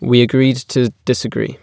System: none